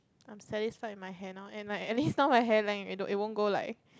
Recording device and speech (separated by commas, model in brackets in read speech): close-talking microphone, conversation in the same room